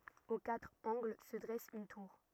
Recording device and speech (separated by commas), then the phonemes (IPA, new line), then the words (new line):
rigid in-ear microphone, read sentence
o katʁ ɑ̃ɡl sə dʁɛs yn tuʁ
Aux quatre angles se dresse une tour.